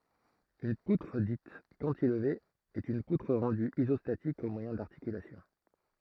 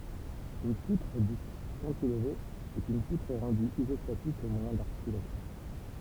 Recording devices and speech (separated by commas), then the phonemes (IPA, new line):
throat microphone, temple vibration pickup, read sentence
yn putʁ dit kɑ̃tilve ɛt yn putʁ ʁɑ̃dy izɔstatik o mwajɛ̃ daʁtikylasjɔ̃